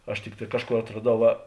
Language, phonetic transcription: Lithuanian, aš ˈtikˌtā ˈkažˌkor atraˈdau ˈva

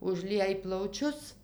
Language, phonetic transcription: Lithuanian, užˈliej plauˈčius

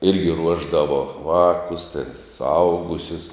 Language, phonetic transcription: Lithuanian, ˈirgi ˈruošdavo ˈvākus ten suˈaugusius

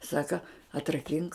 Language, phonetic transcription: Lithuanian, ˈsaka atraˈkink

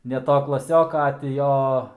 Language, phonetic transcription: Lithuanian, ne ˈto klaˈsioka a ti ˈjo

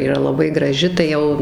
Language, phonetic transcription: Lithuanian, yˈra laˈbai graˈži tai ˈjau

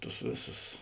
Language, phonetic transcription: Lithuanian, ˈtus ˈvėˌsus

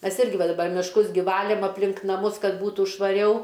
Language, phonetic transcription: Lithuanian, ˈmes ˈirgi ˈva daˈbar mišˈkus gi ˈvalėm apˈlink naˈmus ˈkad ˈbūtų švaˈriau

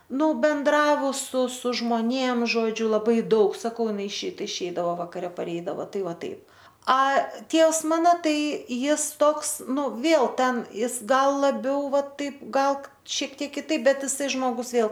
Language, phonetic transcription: Lithuanian, ˈnu ˈbendravus su su žmoˈnėm žoˈdžiu laˈbai ˈdaug saˈkau iˈnai išeit išˈeidavo vakaˈre paˈreidavo ˈtai ˈvaˈtaip a ˈtievs ˈmano ˈtai ˈjis ˈtoks ˈnu ˈvėl ˈten ˈjis ˈgal laˈbiau ˈvat ˈtaip ˈgal ˈšiek ˈtiek kiˈtaip ˈbet ˈisai ˈžmogus ˈvėl

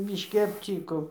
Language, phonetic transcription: Lithuanian, bišˈki apˈcyko

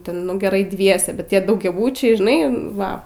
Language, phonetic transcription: Lithuanian, ˈten nu geˈrai ˈdviese bet ˈtie daugiaˈbučiai žiˈnai ˈva

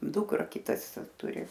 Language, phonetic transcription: Lithuanian, ˈdukra ˈkitas ˈturi

